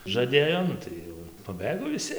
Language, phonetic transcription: Lithuanian, žaˈdėjo ˈnu tai jau ir paˈbɘgo viˈsi

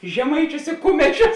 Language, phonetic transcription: Lithuanian, žeˈmaičius i ˈkumečius

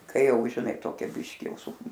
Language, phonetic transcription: Lithuanian, ˈkai ˈjau žiˈnai ˈtokia ˈbiški ˈjau su

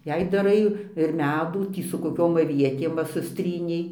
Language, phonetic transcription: Lithuanian, ˈjei daˈrai ir ˈmedų ˈtį su koˈkiom aˈvietėm ˈva susˈtrynei

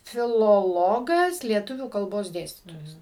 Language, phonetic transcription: Lithuanian, filoˈlogas lieˈtuvių kalˈbos ˈdėstytojas

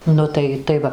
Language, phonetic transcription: Lithuanian, ˈnu tai tai ˈva

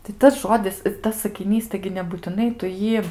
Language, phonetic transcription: Lithuanian, tai ˈtas ˈžodis ir ˈtas sakiˈnys ˈtaigi nebūtiˈnai tu ˈjį

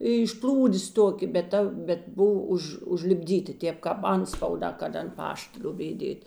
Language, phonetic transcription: Lithuanian, iš ˈplūdės ˈtokė bet ˈta bet ˈbuv ˈuž užlipˈdyti ˈtėp kāp ˈantspauˌdā kad ant ˈpašt ˈliobėj ˈdėt'

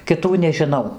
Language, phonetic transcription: Lithuanian, kiˈtų nežiˈnau

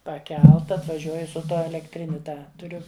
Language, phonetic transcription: Lithuanian, paˈkelta atvaˈžiuoj su ˈtuo elekˈtriniu ˈtą tuˈriu

